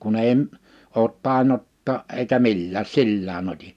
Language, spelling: Finnish, kun ei - ole tainnuttaa - eikä millään sillään otin
- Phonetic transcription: 'kun ‿èi ‿m- , oot 'tàinotta̳a̳ a’ ’eikä "millääs "sillää'n ‿ot́i .

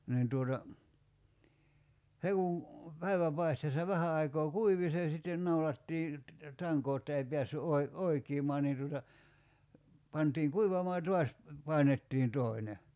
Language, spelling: Finnish, niin tuota se kun päivänpaisteessa vähän aikaa kuivui se sitten naulattiin tankoon jotta ei päässyt - oikenemaan niin tuota pantiin kuivamaan ja taas painettiin toinen
- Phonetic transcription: 'niin tuota , 'se kun̬ , 'päiväpaisteessa 'vähä aikoo "kuivi se sitten 'naulattii , 'taŋkoo [j]otta ei 'piässy '’oi- , "oikiimaa niin tuota , 'pantiiŋ "kuivamaa ja 'tuas , 'pàinettiin 'toine .

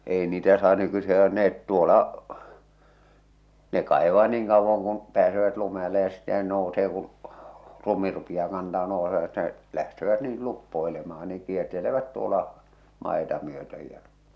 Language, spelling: Finnish, ei niitä saa nykyisin hakata ne tuolla ne kaivaa niin kauan kuin pääsevät lumen alle ja sitten ne nousee kun lumi rupeaa kantamaan nousevat ne lähtevät niin luppoilemaan niin kiertelevät tuolla maita myöten ja
- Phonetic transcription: 'èi niitä saa nykysi ha(kat) 'neet 'tuola , 'ne 'kàḙvaa 'niiŋ kauvvaŋ kuŋ̳ , 'pääsevät lume ᵃl̆le ja sittɛ ne 'nousee kul , 'lumi rupiʲaa kantaᵐᵃ 'nòusevat Ne , lähtevät niil 'luppoelemaa niᵑ 'kiertelevät 'tuola , 'màeta myötöj jä .

